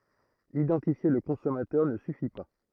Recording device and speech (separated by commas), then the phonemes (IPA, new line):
throat microphone, read sentence
idɑ̃tifje lə kɔ̃sɔmatœʁ nə syfi pa